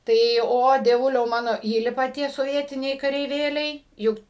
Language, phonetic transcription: Lithuanian, tai ˈo dieˈvuliau ˈmano ˈįlipa ˈtie soˈvietiniai kareiˈvėliai ˈjuk

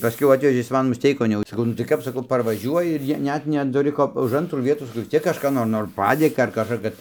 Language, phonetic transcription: Lithuanian, paˈskiau ˈatvežė ˈjis ˈman musˈteikon jau saˈkau nu tai ˈkap saˈkau parvaˈžiuoji ir ˈjie ˈnet netuˈri ˈko už ˈantrų ˈvietų saˈkau vis ˈciek kažˈką nor ˈnor ˈpadėka ar kažˈką kad

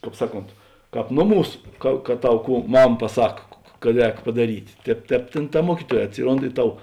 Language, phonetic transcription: Lithuanian, ˈkāp ˈsaˌkont ˈkāp ˈnoˌmūs ˈka ka ˈtau ˈkų ˈmam paˈsak kad ˈrēk padaˈryt' ˈtēp ˈtēp ˈtėn ta ˈmuokyˌtuoj atˈsiˌrond i ˈtau

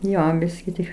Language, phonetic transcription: Lithuanian, ˈjo ˈbiski tik

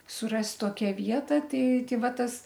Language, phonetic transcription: Lithuanian, suˈrast' ˈtokia ˈvieta ˈtei ˈtei ˈva ˈtas

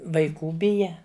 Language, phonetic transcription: Lithuanian, vaiˈkų ˈbija

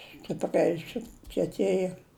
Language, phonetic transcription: Lithuanian, stipˈriai sukieˈtėja

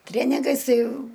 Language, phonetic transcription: Lithuanian, ˈtrėnigais ˈtai

